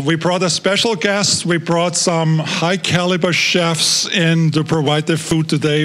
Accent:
with Austrian accent